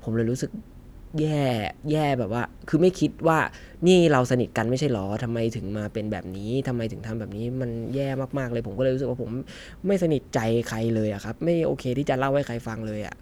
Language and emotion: Thai, frustrated